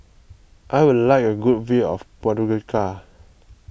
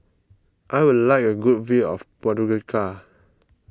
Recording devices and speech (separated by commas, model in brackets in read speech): boundary microphone (BM630), close-talking microphone (WH20), read sentence